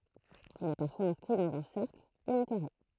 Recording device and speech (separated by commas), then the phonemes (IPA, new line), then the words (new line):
throat microphone, read sentence
il ɛ paʁfwaz ɛ̃skʁi dɑ̃z œ̃ sɛʁkl u œ̃ kaʁe
Il est parfois inscrit dans un cercle, ou un carré.